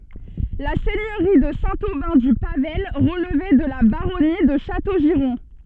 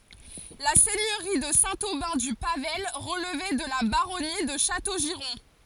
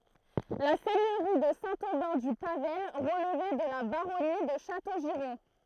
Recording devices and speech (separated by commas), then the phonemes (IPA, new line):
soft in-ear microphone, forehead accelerometer, throat microphone, read sentence
la sɛɲøʁi də sɛ̃ obɛ̃ dy pavaj ʁəlvɛ də la baʁɔni də ʃatoʒiʁɔ̃